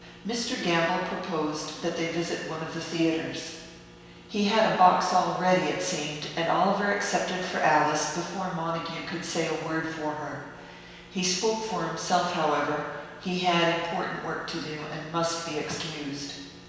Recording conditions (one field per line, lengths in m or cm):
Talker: one person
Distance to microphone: 1.7 m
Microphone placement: close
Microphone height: 1.0 m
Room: very reverberant, large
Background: none